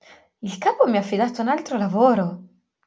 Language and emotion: Italian, surprised